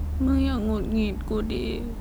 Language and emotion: Thai, sad